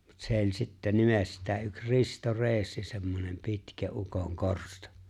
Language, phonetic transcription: Finnish, mut 'sè ‿o͕ĺ sittä 'nimestää yk 'Risto "Re̬e̬ssi semmonem 'pitkä '’ukoŋ 'korsto .
- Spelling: mutta se oli sitten nimestään yksi Risto Reessi semmoinen pitkä ukon korsto

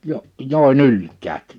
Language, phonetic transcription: Finnish, 'jo- , 'jòe"n ‿ylk̀äät̳ .
- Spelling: - joen ylikään

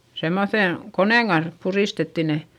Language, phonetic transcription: Finnish, semmoϑen , konèŋ Gans , purìstetti ne .
- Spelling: semmoisen koneen kanssa puristettiin ne

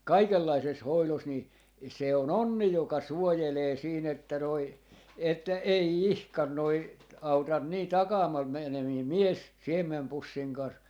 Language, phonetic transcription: Finnish, "kaikellaises "hoilos 'ni , 'se o"n ‿onni joka "suojelee 'siin ‿että noi , että "ei "ihkan 'noi , 'autan nii ('takamaal menemii) "mies , 'siem̆mempussiŋ 'kan̬s .
- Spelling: kaikenlaisessa hoidossa niin se on onni joka suojelee siinä että noin että ei ihan noin auta niin - - mies siemenpussin kanssa

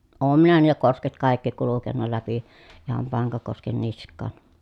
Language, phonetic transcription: Finnish, oom minä niilä kosket kài̮kki kulukenna läpi , iham Paŋkakosken nisk̆kàn .
- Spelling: olen minä niillä kosket kaikki kulkenut läpi ihan Pankakosken niskaan

